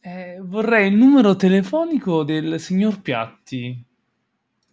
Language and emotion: Italian, neutral